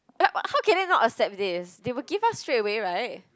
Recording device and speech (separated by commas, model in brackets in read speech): close-talking microphone, conversation in the same room